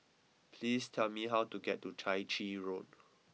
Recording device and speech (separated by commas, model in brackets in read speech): mobile phone (iPhone 6), read sentence